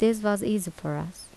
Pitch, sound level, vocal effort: 205 Hz, 78 dB SPL, soft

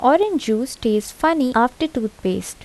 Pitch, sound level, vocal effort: 245 Hz, 78 dB SPL, soft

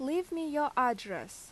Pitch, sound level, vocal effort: 285 Hz, 86 dB SPL, loud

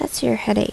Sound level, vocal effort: 74 dB SPL, soft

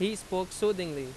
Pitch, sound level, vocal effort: 185 Hz, 90 dB SPL, very loud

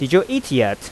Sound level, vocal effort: 89 dB SPL, normal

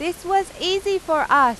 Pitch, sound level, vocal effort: 350 Hz, 97 dB SPL, very loud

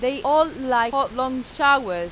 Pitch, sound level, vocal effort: 260 Hz, 96 dB SPL, very loud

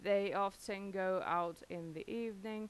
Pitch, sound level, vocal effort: 195 Hz, 89 dB SPL, normal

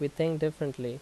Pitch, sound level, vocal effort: 145 Hz, 81 dB SPL, normal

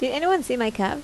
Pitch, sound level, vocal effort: 250 Hz, 80 dB SPL, normal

